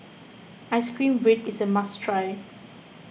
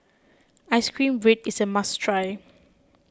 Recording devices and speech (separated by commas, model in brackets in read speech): boundary microphone (BM630), close-talking microphone (WH20), read sentence